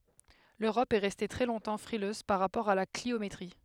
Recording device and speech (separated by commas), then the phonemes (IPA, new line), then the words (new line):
headset microphone, read sentence
løʁɔp ɛ ʁɛste tʁɛ lɔ̃tɑ̃ fʁiløz paʁ ʁapɔʁ a la kliometʁi
L’Europe est restée très longtemps frileuse par rapport à la cliométrie.